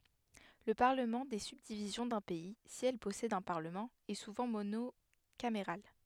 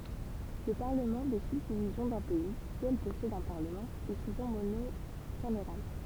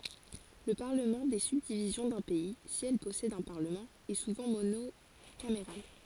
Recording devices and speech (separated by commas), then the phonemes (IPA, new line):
headset microphone, temple vibration pickup, forehead accelerometer, read sentence
lə paʁləmɑ̃ de sybdivizjɔ̃ dœ̃ pɛi si ɛl pɔsɛdt œ̃ paʁləmɑ̃ ɛ suvɑ̃ monokameʁal